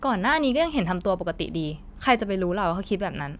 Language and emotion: Thai, frustrated